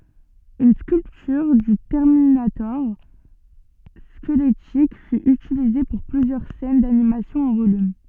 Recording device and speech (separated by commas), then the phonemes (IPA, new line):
soft in-ear microphone, read sentence
yn skyltyʁ dy tɛʁminatɔʁ skəlɛtik fy ytilize puʁ plyzjœʁ sɛn danimasjɔ̃ ɑ̃ volym